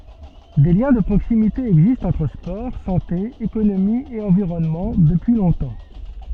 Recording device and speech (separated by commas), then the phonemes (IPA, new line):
soft in-ear microphone, read sentence
de ljɛ̃ də pʁoksimite ɛɡzistt ɑ̃tʁ spɔʁ sɑ̃te ekonomi e ɑ̃viʁɔnmɑ̃ dəpyi lɔ̃tɑ̃